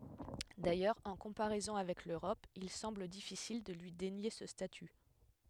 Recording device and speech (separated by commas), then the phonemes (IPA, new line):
headset microphone, read sentence
dajœʁz ɑ̃ kɔ̃paʁɛzɔ̃ avɛk løʁɔp il sɑ̃bl difisil də lyi denje sə staty